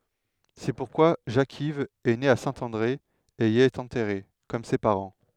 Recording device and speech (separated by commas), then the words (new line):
headset microphone, read sentence
C'est pourquoi Jacques-Yves est né à Saint-André et y est enterré, comme ses parents.